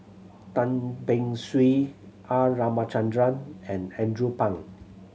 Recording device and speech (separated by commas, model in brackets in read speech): mobile phone (Samsung C7100), read sentence